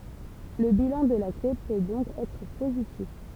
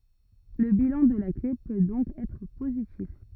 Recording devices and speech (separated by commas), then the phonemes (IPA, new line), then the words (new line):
temple vibration pickup, rigid in-ear microphone, read sentence
lə bilɑ̃ də la kle pø dɔ̃k ɛtʁ pozitif
Le bilan de la clé peut donc être positif.